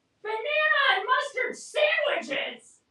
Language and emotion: English, angry